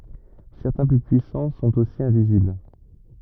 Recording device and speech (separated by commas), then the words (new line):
rigid in-ear microphone, read sentence
Certains plus puissants sont aussi invisibles.